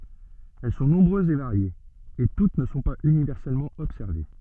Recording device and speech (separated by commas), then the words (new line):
soft in-ear microphone, read sentence
Elles sont nombreuses et variées, et toutes ne sont pas universellement observées.